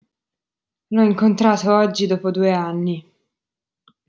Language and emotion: Italian, disgusted